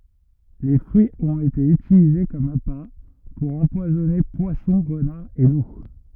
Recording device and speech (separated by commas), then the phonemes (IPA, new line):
rigid in-ear microphone, read sentence
le fʁyiz ɔ̃t ete ytilize kɔm apa puʁ ɑ̃pwazɔne pwasɔ̃ ʁənaʁz e lu